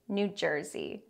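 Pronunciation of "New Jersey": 'New Jersey' is said in general American English, with three syllables and stress on the first two.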